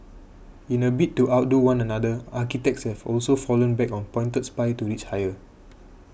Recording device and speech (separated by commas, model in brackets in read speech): boundary microphone (BM630), read sentence